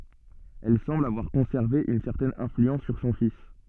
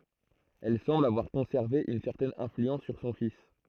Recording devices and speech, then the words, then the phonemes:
soft in-ear microphone, throat microphone, read sentence
Elle semble avoir conservé une certaine influence sur son fils.
ɛl sɑ̃bl avwaʁ kɔ̃sɛʁve yn sɛʁtɛn ɛ̃flyɑ̃s syʁ sɔ̃ fis

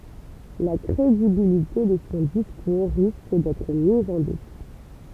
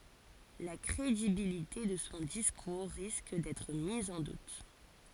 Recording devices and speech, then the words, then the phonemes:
temple vibration pickup, forehead accelerometer, read sentence
La crédibilité de son discours risque d’être mise en doute.
la kʁedibilite də sɔ̃ diskuʁ ʁisk dɛtʁ miz ɑ̃ dut

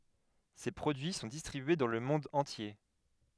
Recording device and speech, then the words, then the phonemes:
headset microphone, read sentence
Ses produits sont distribués dans le monde entier.
se pʁodyi sɔ̃ distʁibye dɑ̃ lə mɔ̃d ɑ̃tje

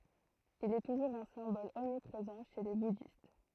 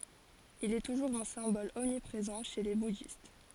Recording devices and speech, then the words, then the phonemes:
throat microphone, forehead accelerometer, read sentence
Il est toujours un symbole omniprésent chez les bouddhistes.
il ɛ tuʒuʁz œ̃ sɛ̃bɔl ɔmnipʁezɑ̃ ʃe le budist

